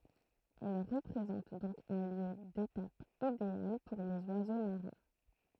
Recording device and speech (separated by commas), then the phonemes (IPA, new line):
throat microphone, read sentence
ɛl ʁəpʁezɑ̃t dɔ̃k œ̃ ljø detap ideal puʁ lez wazo maʁɛ̃